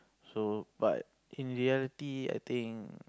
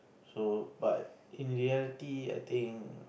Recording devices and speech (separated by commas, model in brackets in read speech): close-talking microphone, boundary microphone, conversation in the same room